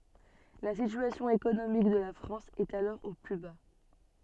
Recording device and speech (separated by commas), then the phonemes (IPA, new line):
soft in-ear microphone, read sentence
la sityasjɔ̃ ekonomik də la fʁɑ̃s ɛt alɔʁ o ply ba